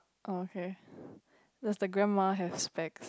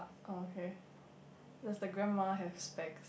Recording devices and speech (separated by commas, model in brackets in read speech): close-talking microphone, boundary microphone, conversation in the same room